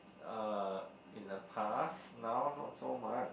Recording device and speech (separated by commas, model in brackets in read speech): boundary microphone, conversation in the same room